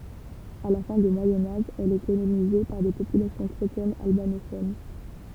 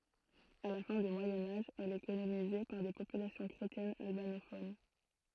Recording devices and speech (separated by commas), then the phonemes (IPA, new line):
temple vibration pickup, throat microphone, read sentence
a la fɛ̃ dy mwajɛ̃ aʒ ɛl ɛ kolonize paʁ de popylasjɔ̃ kʁetjɛnz albanofon